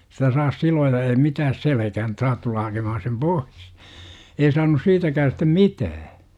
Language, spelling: Finnish, sitä saa siloja ei mitään selkään että saat tulla hakemaan sen pois ei saanut siitäkään sitten mitään
- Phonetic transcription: sitä saas "silooja ei 'mitääs "selekähän ᵉt 'saat tulla hakemahan̬ sem "pois. « 'ei saanus 'siitäkää stem "mitää .

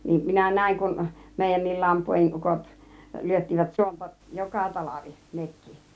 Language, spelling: Finnish, niin minä näin kun meidänkin lampuodin ukot lyöttivät suonta joka talvi nekin
- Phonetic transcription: 'niim minä "nä̀iŋ kun , 'mèijännil 'lampuojin "ukot , lyöttivät 'suonta "joka 'talavi , 'nekkI .

